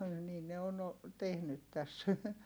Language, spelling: Finnish, niin ne on - tehnyt tässä
- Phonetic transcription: niin ne on o- , tehnyt täs .

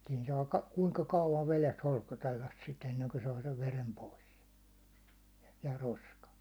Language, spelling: Finnish, siinä saa - kuinka kauan vedessä holskotella sitä ennen kuin saa sen veren pois ja roskan
- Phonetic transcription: siin 'saa ka- , kuŋka 'kauvan veles 'holskotellas sit , 'enneŋko 'saa sev "verem 'pois , ja "roskan̬ .

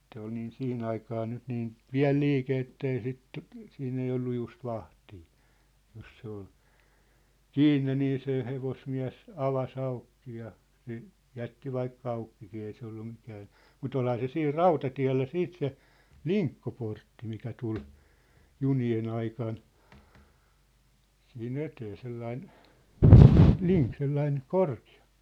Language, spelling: Finnish, se oli niin siihen aikaan nyt niin pieni liike että ei sitä siinä ei ollut just vahtia jos se oli kiinni niin se hevosmies avasi auki ja se jätti vaikka aukikin ei se ollut mikään mutta olihan se siinä rautatiellä sitten se linkkoportti mikä tuli junien aikana siihen eteen sellainen - sellainen korkea
- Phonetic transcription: se ‿ol niin "siʰi'n ‿aikaa nyt 'niin , "piä̭l liike ettei sit , 'siinn ‿ei 'ollu 'just 'vahtii , 'jos se ‿ol , "kiinne nii se hevosmiä̭s , 'ava's ‿aukki ja , se , 'jätti 'vaikka 'aukkikii ei se ollu mikään̬ , mu"t ‿olha se 'siir "rautatiä̭llä 'siit se , "liŋkkoportti mikä 'tul , "juni₍e'n ‿aikan , siʰi"n ‿etee 'sellain , "liŋk- 'sellain , "korki₍a .

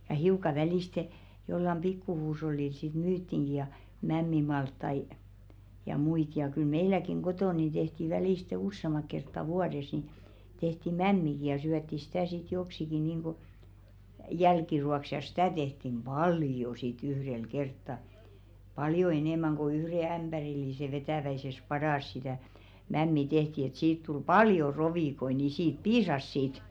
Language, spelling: Finnish, ja hiukan välistä jollakin pikku huushollilla sitten myytiinkin ja mämmimaltaita ja muita ja kyllä meilläkin kotona niin tehtiin välistä useamman kertaa vuodessa niin tehtiin mämmiäkin ja syötiin sitä sitten joksikin niin kuin jälkiruoaksi ja sitä tehtiin paljon sitten yhdellä kertaa paljon enemmän kuin yhden ämpärillisen vetävässä padassa sitä mämmiä tehtiin että siitä tuli paljon rovikoita niin siitä piisasi sitten
- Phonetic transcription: ja hiuka 'väliste , jollam "pikku 'huush̬ollil sit "myyttiŋɢi ja , 'mämmimalttai , ja 'muit ja kyl "meiläkiŋ 'ɢotòn̆ nin ᴅehti välìste "ussemak̆ kertta 'vuades ni , tehti "mämmiki ja 'syätti sitä̀ sit 'joksiki niiŋɢu , "jälkiru₍aks ja sɪtä̀ 'tehtim "ʙaljo sit 'yhrel 'kertta , 'paljo enèmäŋ ko 'yhre 'ämʙärillise vetä̀väises "padàs sitä̀ , 'mämmi "tehti et 'siit tul "paljo 'rovìkoi ni 'siit "piisas sit .

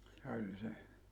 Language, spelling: Finnish, oli se
- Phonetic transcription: 'oĺ 'se .

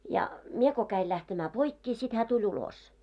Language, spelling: Finnish, ja minä kun kävin lähtemään poikkeen sitten hän tuli ulos
- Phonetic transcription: ja , 'mie ko käil lähtemää 'poikkee sit hää tuĺ 'ulos .

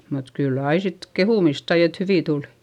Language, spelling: Finnish, mutta kyllä aina sitten kehumista sai että hyviä tuli
- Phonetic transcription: mut kyll ‿ai sit kehùmist sai et hyvì tulI .

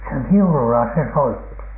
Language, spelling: Finnish, se viululla se soitti
- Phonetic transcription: se "viulula se 'soitti .

